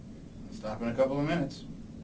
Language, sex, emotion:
English
male
neutral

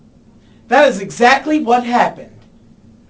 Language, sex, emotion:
English
male
angry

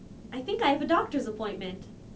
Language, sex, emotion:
English
female
neutral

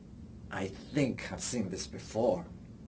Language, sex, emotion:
English
male
neutral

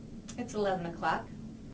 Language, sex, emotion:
English
female
happy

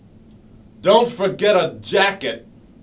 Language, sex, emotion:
English
male
angry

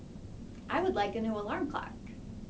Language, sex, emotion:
English
female
neutral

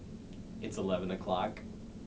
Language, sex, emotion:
English
male
neutral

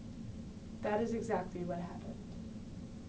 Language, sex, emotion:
English
female
neutral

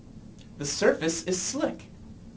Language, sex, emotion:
English
male
neutral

